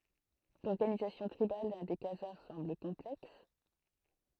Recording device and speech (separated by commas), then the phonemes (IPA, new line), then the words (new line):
throat microphone, read sentence
lɔʁɡanizasjɔ̃ tʁibal de kazaʁ sɑ̃bl kɔ̃plɛks
L'organisation tribale des Khazars semble complexe.